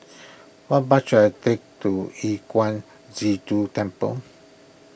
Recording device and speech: boundary microphone (BM630), read sentence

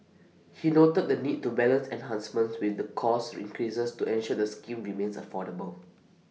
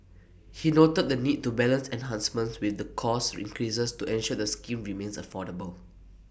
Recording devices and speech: mobile phone (iPhone 6), boundary microphone (BM630), read sentence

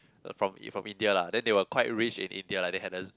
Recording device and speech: close-talking microphone, conversation in the same room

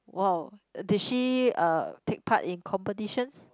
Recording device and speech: close-talking microphone, conversation in the same room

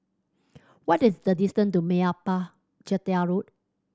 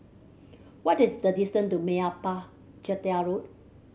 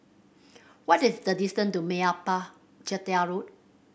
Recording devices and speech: standing microphone (AKG C214), mobile phone (Samsung C7100), boundary microphone (BM630), read sentence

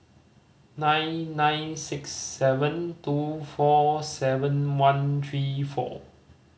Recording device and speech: mobile phone (Samsung C5010), read sentence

